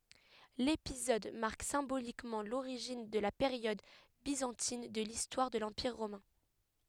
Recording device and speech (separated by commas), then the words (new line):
headset microphone, read sentence
L’épisode marque symboliquement l’origine de la période byzantine de l’histoire de l’Empire romain.